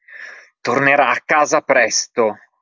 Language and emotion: Italian, angry